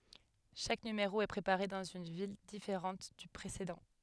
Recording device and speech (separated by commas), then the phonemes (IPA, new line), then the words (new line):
headset microphone, read sentence
ʃak nymeʁo ɛ pʁepaʁe dɑ̃z yn vil difeʁɑ̃t dy pʁesedɑ̃
Chaque numéro est préparé dans une ville différente du précédent.